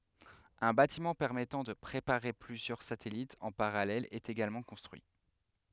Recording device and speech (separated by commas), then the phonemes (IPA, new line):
headset microphone, read sentence
œ̃ batimɑ̃ pɛʁmɛtɑ̃ də pʁepaʁe plyzjœʁ satɛlitz ɑ̃ paʁalɛl ɛt eɡalmɑ̃ kɔ̃stʁyi